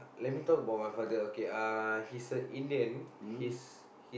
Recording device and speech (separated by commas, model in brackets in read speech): boundary microphone, conversation in the same room